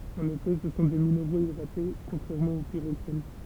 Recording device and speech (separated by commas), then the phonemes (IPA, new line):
temple vibration pickup, read sentence
ɑ̃n efɛ sə sɔ̃ de mineʁoz idʁate kɔ̃tʁɛʁmɑ̃ o piʁoksɛn